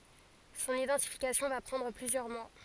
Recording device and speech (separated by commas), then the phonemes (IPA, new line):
forehead accelerometer, read sentence
sɔ̃n idɑ̃tifikasjɔ̃ va pʁɑ̃dʁ plyzjœʁ mwa